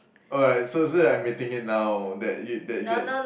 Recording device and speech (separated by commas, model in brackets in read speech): boundary microphone, conversation in the same room